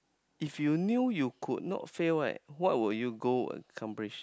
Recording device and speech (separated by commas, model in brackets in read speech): close-talking microphone, conversation in the same room